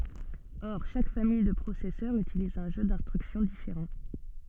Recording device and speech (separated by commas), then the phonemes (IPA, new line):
soft in-ear microphone, read sentence
ɔʁ ʃak famij də pʁosɛsœʁz ytiliz œ̃ ʒø dɛ̃stʁyksjɔ̃ difeʁɑ̃